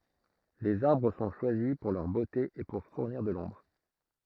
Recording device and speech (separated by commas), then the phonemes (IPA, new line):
throat microphone, read sentence
lez aʁbʁ sɔ̃ ʃwazi puʁ lœʁ bote e puʁ fuʁniʁ də lɔ̃bʁ